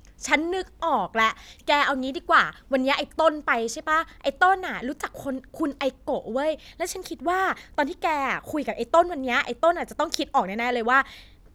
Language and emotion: Thai, happy